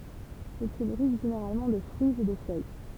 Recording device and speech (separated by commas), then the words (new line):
temple vibration pickup, read sentence
Ils se nourrissent généralement de fruits et de feuilles.